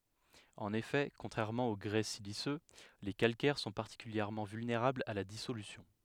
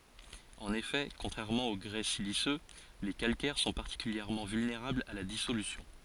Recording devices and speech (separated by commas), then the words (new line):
headset microphone, forehead accelerometer, read sentence
En effet, contrairement au grès siliceux, les calcaires sont particulièrement vulnérables à la dissolution.